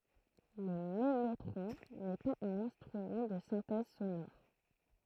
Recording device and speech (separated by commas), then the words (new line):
throat microphone, read sentence
Le mellotron n’est pas un instrument de synthèse sonore.